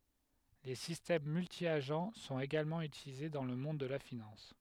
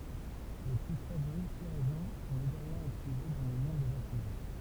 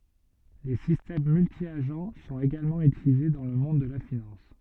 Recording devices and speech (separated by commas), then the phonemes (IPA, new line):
headset microphone, temple vibration pickup, soft in-ear microphone, read sentence
le sistɛm myltjaʒ sɔ̃t eɡalmɑ̃ ytilize dɑ̃ lə mɔ̃d də la finɑ̃s